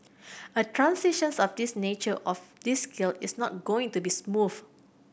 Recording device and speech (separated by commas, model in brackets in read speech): boundary microphone (BM630), read sentence